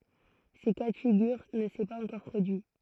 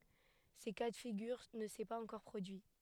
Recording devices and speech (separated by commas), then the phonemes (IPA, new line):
throat microphone, headset microphone, read sentence
sə ka də fiɡyʁ nə sɛ paz ɑ̃kɔʁ pʁodyi